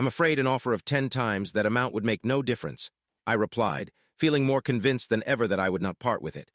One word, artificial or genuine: artificial